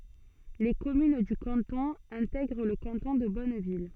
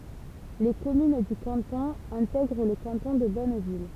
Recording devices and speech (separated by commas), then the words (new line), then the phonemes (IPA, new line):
soft in-ear microphone, temple vibration pickup, read sentence
Les communes du canton intègrent le canton de Bonneville.
le kɔmyn dy kɑ̃tɔ̃ ɛ̃tɛɡʁ lə kɑ̃tɔ̃ də bɔnvil